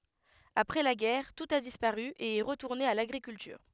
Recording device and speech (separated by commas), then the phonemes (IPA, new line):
headset microphone, read sentence
apʁɛ la ɡɛʁ tut a dispaʁy e ɛ ʁətuʁne a laɡʁikyltyʁ